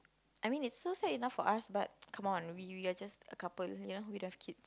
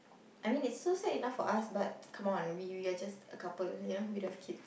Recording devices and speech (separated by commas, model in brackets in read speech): close-talking microphone, boundary microphone, conversation in the same room